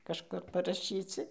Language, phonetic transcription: Lithuanian, kažˈkur paraˈšyci

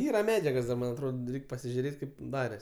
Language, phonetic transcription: Lithuanian, ˈyra ˈmedžiagos da ˈman' atˈrod ˈreik' pasižiuˈrėt' ˈkaip ˈdares

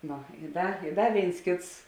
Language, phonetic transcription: Lithuanian, ˈnu i ˈda i ˈda ˈvėins ˈkėts

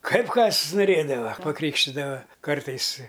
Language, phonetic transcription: Lithuanian, ˈkaip ˈkas nuˈrėdava paˈkrykštidava ˈkartais i

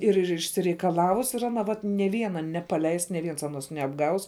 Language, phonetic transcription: Lithuanian, ir ir išsireikaˈlavus ir aˈna ˈvat nė ˈviena nepaˈleis nė ˈviens aˈnos neapˈgaus

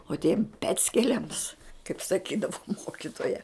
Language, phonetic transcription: Lithuanian, o tiem ˈpeckeliams kaip saˈkydavu ˈmokitoja

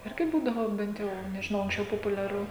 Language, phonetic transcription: Lithuanian, ˈirgi ˈbūdavo ˈbent jau nežiˈnau anksˈčiau populiaˈru

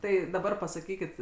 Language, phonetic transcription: Lithuanian, ˈtai daˈbar pasaˈkykit

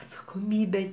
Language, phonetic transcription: Lithuanian, atsakoˈmybe

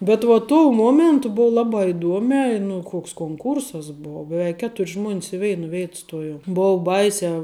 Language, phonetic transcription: Lithuanian, bet va tuo ˈmuomentu ˈbuv ˈlabā iˈduomē i nu ˈkoks konˈkūrsas ˈbuo beˈveik ˈketur' žmuon's i ˈveina ˈvėit ˈstojom ˈbuu ˈbaisiā

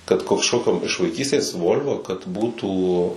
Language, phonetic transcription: Lithuanian, kad kožˈkokiom iš vaiˈkystės ˈvol'vo/volvo kad ˈbūtų

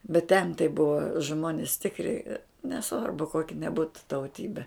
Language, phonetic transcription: Lithuanian, bet ten tai ˈbuva ˈžmonis ˈtikri neˈsvarbu ˈkoki neˈbūtu tauˈtybe

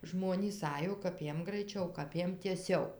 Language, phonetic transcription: Lithuanian, ˈžmonys ˈajo kap ˈjiem graiˈčiau kap ˈjiem tieˈsiau

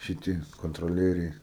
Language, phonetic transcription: Lithuanian, šiˈti kontroˈlieriai

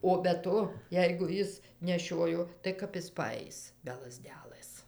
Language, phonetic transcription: Lithuanian, o be ˈto ˈjeigu ˈjis neˈšiojo tai ˈkap is paˈais be laˈzdelɘs

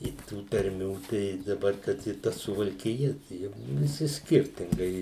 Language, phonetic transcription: Lithuanian, i ˈtų tarˈmių tai daˈbar kad i ˈta suvalkiˈja ˈjug viˈsi ˈskirtingai

